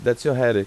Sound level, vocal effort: 90 dB SPL, normal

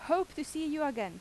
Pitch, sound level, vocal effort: 305 Hz, 89 dB SPL, very loud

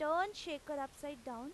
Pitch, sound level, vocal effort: 295 Hz, 93 dB SPL, loud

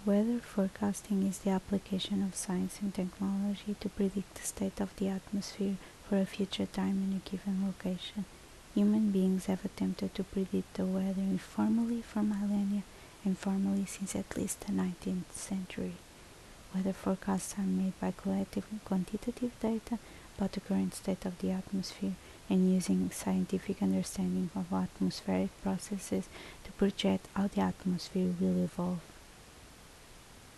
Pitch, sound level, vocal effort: 195 Hz, 69 dB SPL, soft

